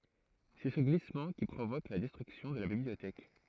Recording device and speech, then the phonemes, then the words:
throat microphone, read sentence
sɛ sə ɡlismɑ̃ ki pʁovok la dɛstʁyksjɔ̃ də la bibliotɛk
C'est ce glissement qui provoque la destruction de la bibliothèque.

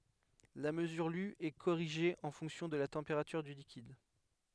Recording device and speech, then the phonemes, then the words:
headset microphone, read sentence
la məzyʁ ly ɛ koʁiʒe ɑ̃ fɔ̃ksjɔ̃ də la tɑ̃peʁatyʁ dy likid
La mesure lue est corrigée en fonction de la température du liquide.

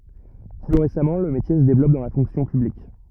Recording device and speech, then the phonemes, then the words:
rigid in-ear microphone, read sentence
ply ʁesamɑ̃ lə metje sə devlɔp dɑ̃ la fɔ̃ksjɔ̃ pyblik
Plus récemment, le métier se développe dans la fonction publique.

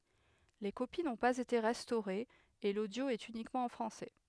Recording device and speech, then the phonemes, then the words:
headset microphone, read sentence
le kopi nɔ̃ paz ete ʁɛstoʁez e lodjo ɛt ynikmɑ̃ ɑ̃ fʁɑ̃sɛ
Les copies n'ont pas été restaurées et l'audio est uniquement en français.

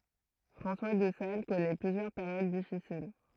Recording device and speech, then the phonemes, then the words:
throat microphone, read sentence
fʁɑ̃swa də sal kɔnɛ plyzjœʁ peʁjod difisil
François de Sales connaît plusieurs périodes difficiles.

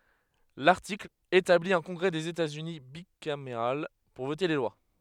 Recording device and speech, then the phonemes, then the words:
headset microphone, read sentence
laʁtikl etabli œ̃ kɔ̃ɡʁɛ dez etaz yni bikameʁal puʁ vote le lwa
L'article établit un congrès des États-Unis bicaméral pour voter les lois.

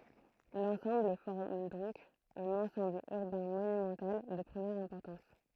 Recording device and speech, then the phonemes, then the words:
throat microphone, read sentence
lɑ̃sɑ̃bl fɔʁm dɔ̃k œ̃n ɑ̃sɑ̃bl yʁbɛ̃ monymɑ̃tal də pʁəmjɛʁ ɛ̃pɔʁtɑ̃s
L'ensemble forme donc un ensemble urbain monumental de première importance.

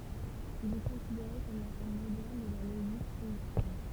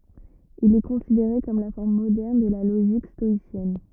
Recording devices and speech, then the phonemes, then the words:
temple vibration pickup, rigid in-ear microphone, read sentence
il ɛ kɔ̃sideʁe kɔm la fɔʁm modɛʁn də la loʒik stɔisjɛn
Il est considéré comme la forme moderne de la logique stoïcienne.

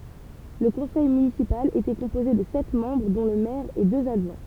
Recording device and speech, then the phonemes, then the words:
temple vibration pickup, read sentence
lə kɔ̃sɛj mynisipal etɛ kɔ̃poze də sɛt mɑ̃bʁ dɔ̃ lə mɛʁ e døz adʒwɛ̃
Le conseil municipal était composé de sept membres dont le maire et deux adjoints.

